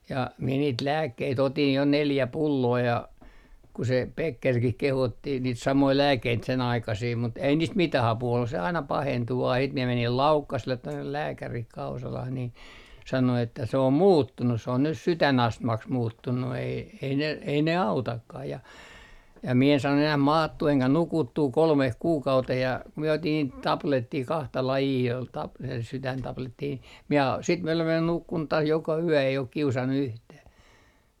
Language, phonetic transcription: Finnish, ja , mie niit "lääkkei't ‿otin jo "neljä 'pulloo ja , ku se 'Pekkerkih 'kehotti niit 'samoi "lääkkeit se'n ‿aikasii mut ei niist "mitä'h ‿apuu ollus se aina 'pahentu vaa siit mie menil "Laukkasᵉllet 'tonne 'lääkärih 'Kausalah niin , sano että » se om "muuttunus se on nyt "sytänastmaks 'muuttunnu ei ei ne , ei ne "autakkah ja » ja mie en saannu enäh "maattuu eŋkä "nukuttuu 'kolmeh 'kuukauteh ja ku mie otin niit , 'taplettii 'kahta 'lajii ol tap - 'sytäntaplettii ni , mie sit mie olev (välil) 'nukkun taas joka yö ei ok 'kiusannu yhtäh .
- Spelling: ja minä niitä lääkkeitä otin jo neljä pulloa ja kun se Beckerkin kehotti niitä samoja lääkkeitä sen aikaisia mutta ei niistä mitään apua ollut se aina pahentui vain sitten minä menin Laukkaselle tuonne lääkäriin Kausalaan niin sanoi että se on muuttunut se on nyt sydänastmaksi muuttunut ei ei ne ei ne autakaan ja ja minä en saanut enää maattua enkä nukuttua kolmeen kuukauteen ja kun minä otin niitä tabletteja kahta lajia oli - sydäntabletteja niin minä sitten minä olen välillä nukkunut taas joka yö ei ole kiusannut yhtään

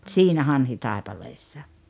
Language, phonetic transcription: Finnish, tsiinä "Hanhitàepaleessa .
- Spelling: siinä Hanhitaipaleessa

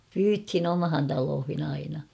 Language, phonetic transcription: Finnish, pyythin ‿'omhan taloohin ‿'aina .
- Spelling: pyydettiin omaan taloihin aina

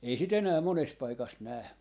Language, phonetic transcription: Finnish, 'ei si't ‿enää 'mones 'paikas 'nää .
- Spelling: ei sitä enää monessa paikassa näe

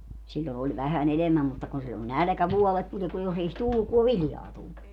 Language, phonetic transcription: Finnish, 'siĺĺo oĺ vähä'n ‿enemäm mutta kun sillo "nälᵃ̈kävuɔlet tuli (ku jos ‿ei os) 'tulluk ku e "viljaa tullu .
- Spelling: silloin oli vähän enemmän mutta kun silloin nälkävuodet tuli kun jos ei olisi tullut kun ei viljaa tullut

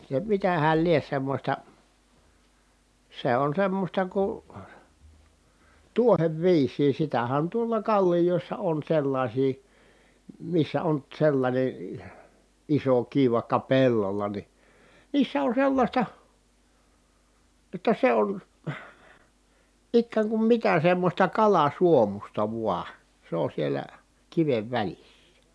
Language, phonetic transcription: Finnish, se mitähäl lie semmośta , se on semmosta ku , tuo(r)evviis̀ii sitähän tuolla kaĺlijòissa on sellaśii , missä on , sellańe , iso kiv vaⁱkka pellola ni , niissä on sellaśta , [j]otta se on , ikkääŋ kum mitä semmośta kalasuomusta vua , se on sielä , kivev välissä .
- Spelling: se mitähän lie semmoista se on semmoista kun tuoreviisiä sitähän tuolla kallioissa on sellaisia missä on sellainen iso kivi vaikka pellolla niin niissä on sellaista jotta se on ikään kuin mitä semmoista kalasuomuista vain se on siellä kiven välissä

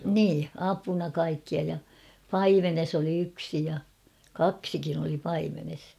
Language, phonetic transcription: Finnish, 'nii , 'apuna kaikkia ja , "paimenes ‿oli 'yksi ja , "kaksikin ‿oli 'paimenes .
- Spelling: niin apuna kaikkia ja paimenessa oli yksi ja kaksikin oli paimenessa

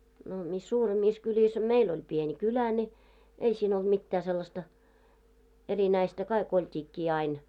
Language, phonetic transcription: Finnish, no mis 'suuremmiis 'kyĺis a "meil ‿oĺ "pieni 'kylä ńi , 'ei siin ‿olᴅ 'mittää sellasta , 'erinäistä , kaik ‿olt́iikkii ain .
- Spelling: no missä suuremissa kylissä a meillä oli pieni kylä niin ei siinä ollut mitään sellaista erinäistä kaikki oltiinkin aina

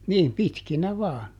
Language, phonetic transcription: Finnish, "niim ˈpitkinä ˈvaan .
- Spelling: niin pitkinä vain

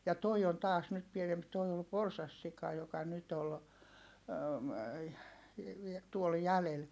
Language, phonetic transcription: Finnish, ja toi on taas nyt pienemp toi ol porsassika joka nyt ‿ol , tuol jälel .
- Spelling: ja tuo on taas nyt pienempi tuo oli porsassika joka nyt oli tuolla jäljellä

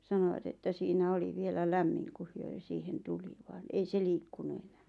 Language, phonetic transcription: Finnish, 'sanoʷat että siinä 'oli vielä 'lämmiŋ kuh 'hyö ʿʲᵒʾ siihen 'tuli vaan 'ei 'se "liikkunu 'eɴᴀ̈ᴀ̈ .
- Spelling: sanoivat että siinä oli vielä lämmin kun he ja siihen tuli vaan ei se liikkunut enää

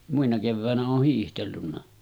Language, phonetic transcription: Finnish, muina kevvä̀enä 'ooh hiihtellunna .
- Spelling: muina keväinä olen hiihdellyt

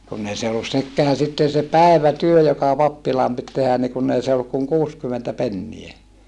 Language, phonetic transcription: Finnish, kunn ‿ei se ollus sekkeä sitten̬ se päev̀ätyö joka pappilaam pit tehän ni kunn ‿ei se olluk kuŋ kuuskymentä pennie .
- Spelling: kun ei se ollut sekään sitten se päivätyö joka pappilaan piti tehdä niin kun ei se ollut kuin kuusikymmentä penniä

